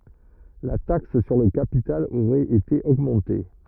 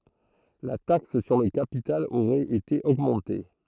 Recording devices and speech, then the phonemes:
rigid in-ear microphone, throat microphone, read sentence
la taks syʁ lə kapital oʁɛt ete oɡmɑ̃te

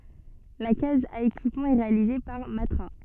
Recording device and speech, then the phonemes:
soft in-ear microphone, read sentence
la kaz a ekipmɑ̃ ɛ ʁealize paʁ matʁa

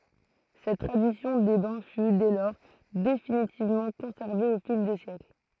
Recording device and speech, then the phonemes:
throat microphone, read sentence
sɛt tʁadisjɔ̃ de bɛ̃ fy dɛ lɔʁ definitivmɑ̃ kɔ̃sɛʁve o fil de sjɛkl

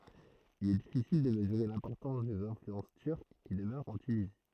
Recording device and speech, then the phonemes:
throat microphone, read sentence
il ɛ difisil də məzyʁe lɛ̃pɔʁtɑ̃s dez ɛ̃flyɑ̃s tyʁk ki dəmœʁt ɑ̃ tynizi

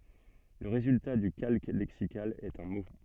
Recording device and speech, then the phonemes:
soft in-ear microphone, read sentence
lə ʁezylta dy kalk lɛksikal ɛt œ̃ mo

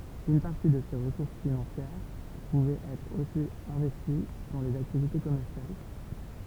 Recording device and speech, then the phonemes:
temple vibration pickup, read sentence
yn paʁti də se ʁəsuʁs finɑ̃sjɛʁ puvɛt ɛtʁ osi ɛ̃vɛsti dɑ̃ lez aktivite kɔmɛʁsjal

